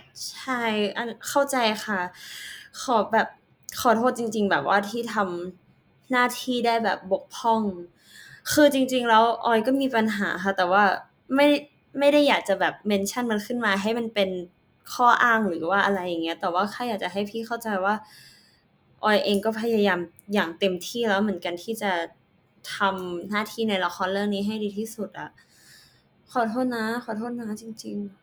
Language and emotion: Thai, frustrated